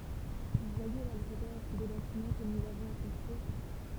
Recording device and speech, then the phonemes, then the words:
temple vibration pickup, read sentence
vu vwaje la luʁdœʁ de batimɑ̃ kə nuz avɔ̃z a kɔ̃stʁyiʁ
Vous voyez la lourdeur des bâtiments que nous avons à construire.

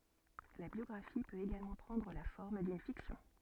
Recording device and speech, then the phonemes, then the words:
soft in-ear microphone, read sentence
la bjɔɡʁafi pøt eɡalmɑ̃ pʁɑ̃dʁ la fɔʁm dyn fiksjɔ̃
La biographie peut également prendre la forme d'une fiction.

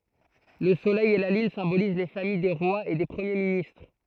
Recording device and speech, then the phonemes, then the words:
throat microphone, read sentence
lə solɛj e la lyn sɛ̃boliz le famij de ʁwaz e de pʁəmje ministʁ
Le Soleil et la Lune symbolisent les familles des rois et des premiers ministres.

